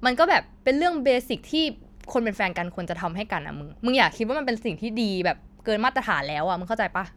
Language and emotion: Thai, frustrated